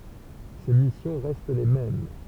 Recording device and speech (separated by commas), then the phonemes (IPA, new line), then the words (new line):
temple vibration pickup, read sentence
se misjɔ̃ ʁɛst le mɛm
Ses missions restent les mêmes.